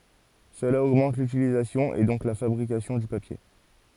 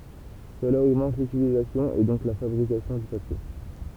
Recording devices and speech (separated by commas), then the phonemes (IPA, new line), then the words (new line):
forehead accelerometer, temple vibration pickup, read sentence
səla oɡmɑ̃t lytilizasjɔ̃ e dɔ̃k la fabʁikasjɔ̃ dy papje
Cela augmente l’utilisation et donc la fabrication du papier.